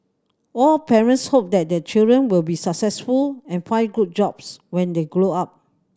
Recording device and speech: standing microphone (AKG C214), read sentence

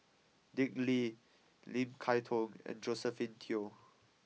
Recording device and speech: mobile phone (iPhone 6), read sentence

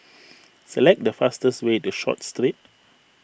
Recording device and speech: boundary microphone (BM630), read sentence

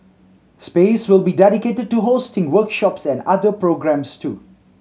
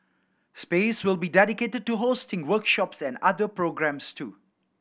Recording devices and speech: mobile phone (Samsung C7100), boundary microphone (BM630), read sentence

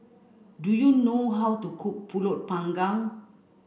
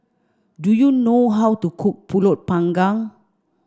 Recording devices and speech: boundary microphone (BM630), standing microphone (AKG C214), read sentence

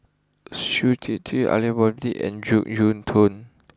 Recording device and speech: close-talking microphone (WH20), read sentence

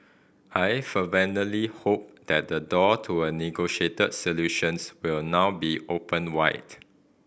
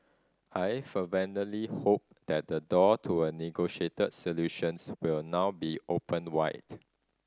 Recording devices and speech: boundary microphone (BM630), standing microphone (AKG C214), read sentence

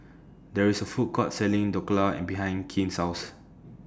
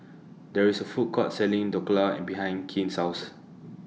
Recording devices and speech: standing microphone (AKG C214), mobile phone (iPhone 6), read sentence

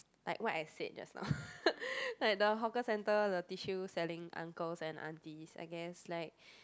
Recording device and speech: close-talking microphone, conversation in the same room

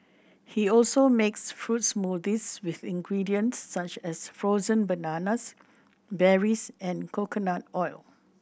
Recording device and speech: boundary microphone (BM630), read sentence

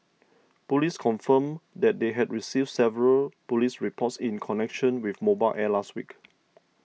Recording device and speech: mobile phone (iPhone 6), read sentence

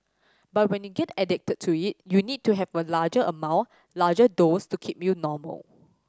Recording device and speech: standing microphone (AKG C214), read sentence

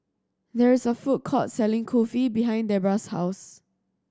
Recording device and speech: standing microphone (AKG C214), read sentence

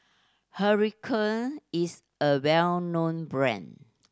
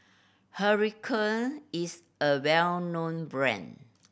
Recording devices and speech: standing microphone (AKG C214), boundary microphone (BM630), read sentence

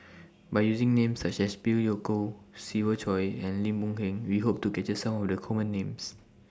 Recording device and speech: standing microphone (AKG C214), read sentence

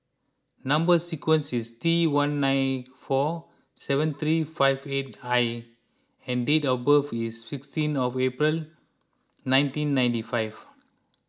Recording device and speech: close-talking microphone (WH20), read sentence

